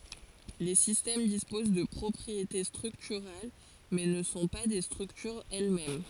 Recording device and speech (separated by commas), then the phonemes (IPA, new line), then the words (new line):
forehead accelerometer, read sentence
le sistɛm dispoz də pʁɔpʁiete stʁyktyʁal mɛ nə sɔ̃ pa de stʁyktyʁz ɛl mɛm
Les systèmes disposent de propriétés structurales, mais ne sont pas des structures elles-mêmes.